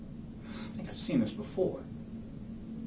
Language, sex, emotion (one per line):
English
male
neutral